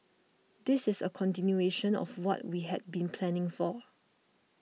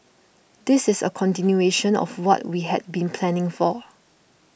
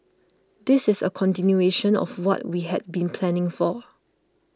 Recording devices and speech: mobile phone (iPhone 6), boundary microphone (BM630), close-talking microphone (WH20), read sentence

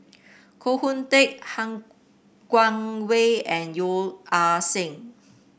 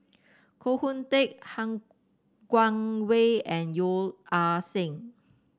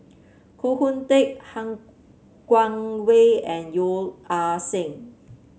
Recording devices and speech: boundary microphone (BM630), standing microphone (AKG C214), mobile phone (Samsung C7), read sentence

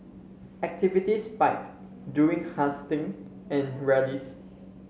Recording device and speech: mobile phone (Samsung C7), read sentence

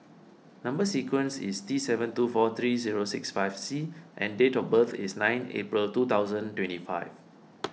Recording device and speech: mobile phone (iPhone 6), read sentence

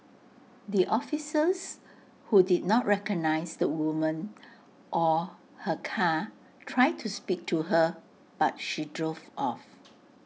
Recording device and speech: mobile phone (iPhone 6), read sentence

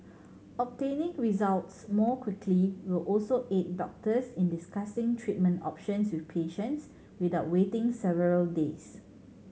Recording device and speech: mobile phone (Samsung C7100), read sentence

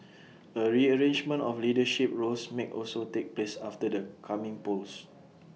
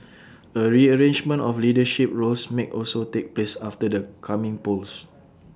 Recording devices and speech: mobile phone (iPhone 6), standing microphone (AKG C214), read sentence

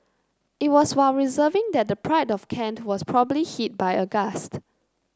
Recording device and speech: close-talking microphone (WH30), read sentence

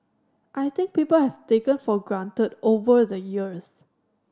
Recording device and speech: standing microphone (AKG C214), read sentence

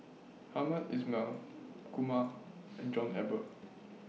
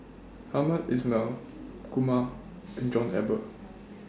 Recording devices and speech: mobile phone (iPhone 6), standing microphone (AKG C214), read sentence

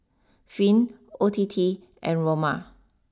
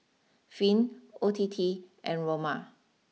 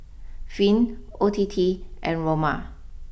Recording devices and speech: standing microphone (AKG C214), mobile phone (iPhone 6), boundary microphone (BM630), read sentence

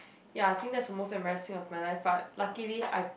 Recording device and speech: boundary microphone, conversation in the same room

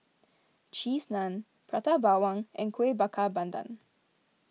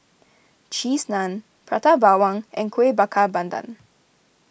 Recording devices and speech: mobile phone (iPhone 6), boundary microphone (BM630), read sentence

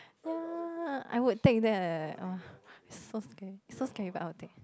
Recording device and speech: close-talking microphone, conversation in the same room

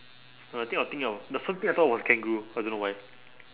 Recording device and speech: telephone, conversation in separate rooms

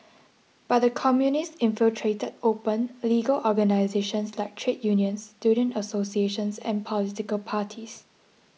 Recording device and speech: mobile phone (iPhone 6), read sentence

